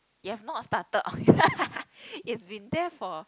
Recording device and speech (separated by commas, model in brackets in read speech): close-talking microphone, conversation in the same room